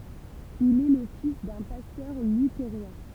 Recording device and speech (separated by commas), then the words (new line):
temple vibration pickup, read sentence
Il est le fils d'un pasteur luthérien.